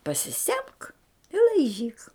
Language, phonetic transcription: Lithuanian, pasiˈsemk i laiˈžyk

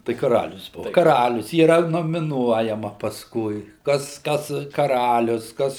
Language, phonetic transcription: Lithuanian, tai kaˈralius o kaˈralius yˈra nomiˈnuojama pasˈkui ˈkas ˈkas kaˈralius ˈkas

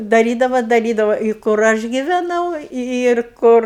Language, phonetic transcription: Lithuanian, daˈrydava daˈrydava i kur ˈaš giveˈnau ir ˈkur

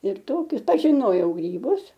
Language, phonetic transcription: Lithuanian, ir ˈtokius pažiˈnojau gryˈbus

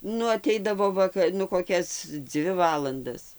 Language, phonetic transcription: Lithuanian, ˈnu aˈteidavo ˈvaka nu koˈkias ˈdzvi ˈvalandas

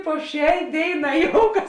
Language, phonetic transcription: Lithuanian, po ˈšiai ˈdėiˌnā ˈjoukas

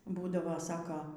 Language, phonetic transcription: Lithuanian, ˈbūdavo ˈsako

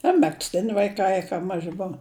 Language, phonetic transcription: Lithuanian, a megzˈtini vaiˈkai ka ˈmaži ˈbova

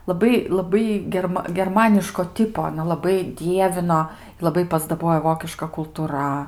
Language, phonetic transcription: Lithuanian, laˈbai laˈbai gerˈma gerˈmaniško ˈtipo aˈna laˈbai ˈdievino laˈbai pasdaˈbojo ˈvokiška kultuˈra

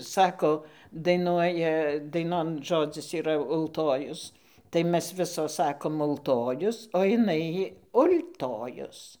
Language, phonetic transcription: Lithuanian, ˈsako daiˈnuoja daiˈnon ˈžodzis yˈra ulˈtojus tai ˈmes ˈvisos ˈsakom ulˈtojus o iˈnai ul'tojus

